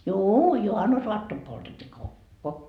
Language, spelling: Finnish, juu juhannusaattona poltettiin kokko
- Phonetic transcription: juu 'juhannus"oattom poltet́t́ii "kokko .

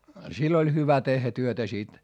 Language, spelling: Finnish, sillä oli hyvä tehdä työtä sitten
- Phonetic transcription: sill ‿oĺ hyvä tehhä työtä sit .

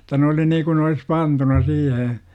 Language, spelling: Finnish, jotta ne oli niin kuin ne olisi pantuna siihen
- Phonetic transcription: -ta 'ne oli niikun ne olis "pantuna 'siihe .

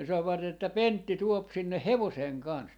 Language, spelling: Finnish, ne sanoivat että Pentti tuo sinne hevosen kanssa
- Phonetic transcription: ne savvat ‿että » "Pentti 'tuop 'sinneh "hevoseeŋ 'kans » .

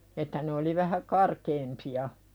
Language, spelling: Finnish, että ne oli vähän karkeampia
- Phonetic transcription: 'että ne oli vähä "karkeempi₍a .

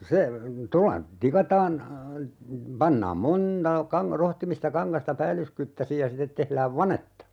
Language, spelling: Finnish, se tuolla tikataan pannaan monta - rohtimista kangasta päällyskyttäisin ja sitten tehdään vanetta
- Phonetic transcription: 'se , 'tolla , 'tikataan , 'pannaam "moǹta , 'kaŋ - 'rohtimista 'kaŋkasta "päällyskyttäsij ja 'sitet tehlääv "vanetta .

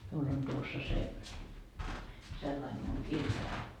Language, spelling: Finnish, minulla on tuossa se sellainen minun kirjani
- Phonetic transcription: miul ‿on tuossa se , sellaim miuŋ 'kirjai .

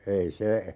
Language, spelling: Finnish, ei se
- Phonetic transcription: 'ei "se , .

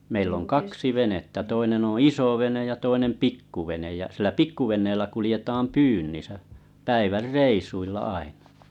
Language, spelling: Finnish, meillä on kaksi venettä toinen on isovene ja toinen pikkuvene ja sillä pikkuveneellä kuljetaan pyynnissä päivän reissuilla aina
- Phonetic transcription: meill ‿oŋ 'kaksi 'venettä 'toinen ‿oo̰ "isovenej ja toinem "pikkuvenej ja sillä "pikku 'ven̆neellä 'kulⁱjetam "pyynnisä , 'päivär "reisuilla 'ainᴀ .

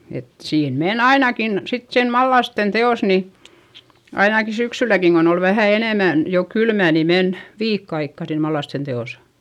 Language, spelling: Finnish, että siinä meni ainakin sitten siinä mallasten teossa niin ainakin syksylläkin kun oli vähän enemmän jo kylmä niin meni viikko aikaa siinä mallasten teossa
- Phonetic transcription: et siin men ainakin , sit siin mallasten te₍òs ni , ainaki syksyläkiŋ kon ‿ol vähä̀ enèmän , jo kylmä̀ ni men , viikk ‿aikka siin mallasten te₍osA .

